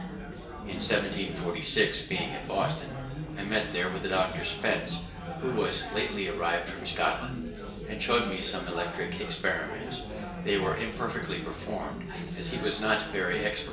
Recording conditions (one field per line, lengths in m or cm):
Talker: one person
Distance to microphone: 1.8 m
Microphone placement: close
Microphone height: 1.0 m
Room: large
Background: babble